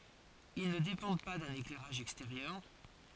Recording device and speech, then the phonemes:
forehead accelerometer, read sentence
il nə depɑ̃d pa dœ̃n eklɛʁaʒ ɛksteʁjœʁ

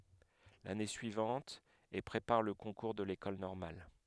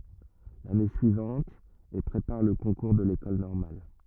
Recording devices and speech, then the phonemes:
headset microphone, rigid in-ear microphone, read sentence
lane syivɑ̃t e pʁepaʁ lə kɔ̃kuʁ də lekɔl nɔʁmal

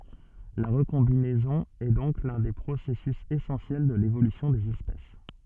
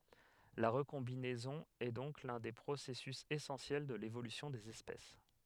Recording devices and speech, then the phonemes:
soft in-ear microphone, headset microphone, read sentence
la ʁəkɔ̃binɛzɔ̃ ɛ dɔ̃k lœ̃ de pʁosɛsys esɑ̃sjɛl də levolysjɔ̃ dez ɛspɛs

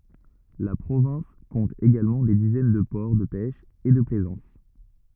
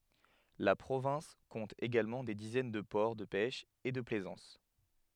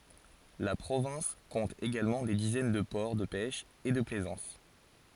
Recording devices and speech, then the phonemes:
rigid in-ear microphone, headset microphone, forehead accelerometer, read sentence
la pʁovɛ̃s kɔ̃t eɡalmɑ̃ de dizɛn də pɔʁ də pɛʃ e də plɛzɑ̃s

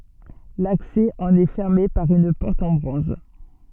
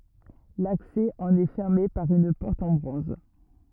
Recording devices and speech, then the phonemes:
soft in-ear microphone, rigid in-ear microphone, read sentence
laksɛ ɑ̃n ɛ fɛʁme paʁ yn pɔʁt ɑ̃ bʁɔ̃z

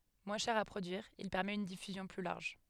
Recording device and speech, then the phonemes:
headset microphone, read sentence
mwɛ̃ ʃɛʁ a pʁodyiʁ il pɛʁmɛt yn difyzjɔ̃ ply laʁʒ

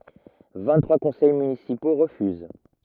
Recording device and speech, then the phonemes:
rigid in-ear microphone, read sentence
vɛ̃ɡtʁwa kɔ̃sɛj mynisipo ʁəfyz

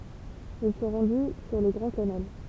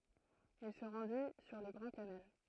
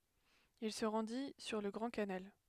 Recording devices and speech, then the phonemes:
temple vibration pickup, throat microphone, headset microphone, read sentence
il sə ʁɑ̃di syʁ lə ɡʁɑ̃ kanal

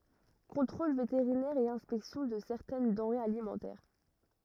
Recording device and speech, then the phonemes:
rigid in-ear microphone, read sentence
kɔ̃tʁol veteʁinɛʁ e ɛ̃spɛksjɔ̃ də sɛʁtɛn dɑ̃ʁez alimɑ̃tɛʁ

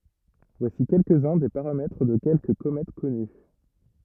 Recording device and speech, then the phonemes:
rigid in-ear microphone, read sentence
vwasi kɛlkəz œ̃ de paʁamɛtʁ də kɛlkə komɛt kɔny

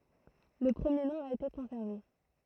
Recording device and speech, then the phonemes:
throat microphone, read sentence
lə pʁəmje nɔ̃ a ete kɔ̃sɛʁve

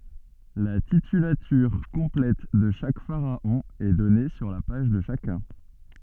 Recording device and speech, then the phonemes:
soft in-ear microphone, read sentence
la titylatyʁ kɔ̃plɛt də ʃak faʁaɔ̃ ɛ dɔne syʁ la paʒ də ʃakœ̃

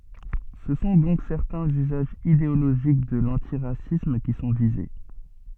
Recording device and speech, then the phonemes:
soft in-ear microphone, read sentence
sə sɔ̃ dɔ̃k sɛʁtɛ̃z yzaʒz ideoloʒik də lɑ̃tiʁasism ki sɔ̃ vize

